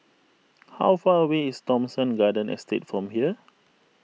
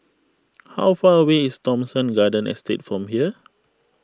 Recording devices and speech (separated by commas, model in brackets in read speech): mobile phone (iPhone 6), close-talking microphone (WH20), read sentence